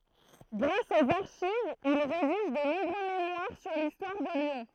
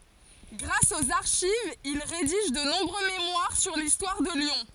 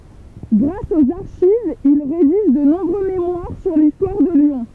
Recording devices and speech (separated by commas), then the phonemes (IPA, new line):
throat microphone, forehead accelerometer, temple vibration pickup, read sentence
ɡʁas oz aʁʃivz il ʁediʒ də nɔ̃bʁø memwaʁ syʁ listwaʁ də ljɔ̃